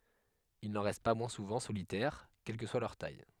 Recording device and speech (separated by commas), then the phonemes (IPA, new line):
headset microphone, read sentence
il nɑ̃ ʁɛst pa mwɛ̃ suvɑ̃ solitɛʁ kɛl kə swa lœʁ taj